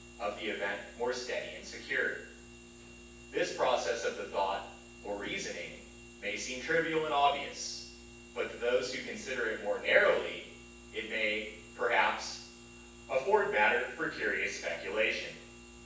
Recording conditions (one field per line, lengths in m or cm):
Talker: one person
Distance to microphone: 9.8 m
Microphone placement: far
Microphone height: 1.8 m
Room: large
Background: none